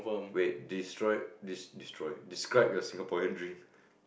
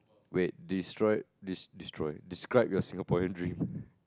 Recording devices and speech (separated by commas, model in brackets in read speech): boundary microphone, close-talking microphone, conversation in the same room